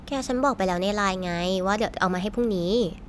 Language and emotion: Thai, frustrated